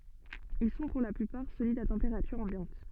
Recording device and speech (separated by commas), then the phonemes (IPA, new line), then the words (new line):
soft in-ear microphone, read sentence
il sɔ̃ puʁ la plypaʁ solidz a tɑ̃peʁatyʁ ɑ̃bjɑ̃t
Ils sont pour la plupart solides à température ambiante.